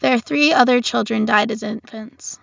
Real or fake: real